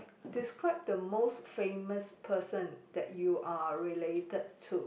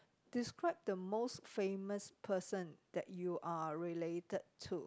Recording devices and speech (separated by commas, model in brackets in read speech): boundary microphone, close-talking microphone, conversation in the same room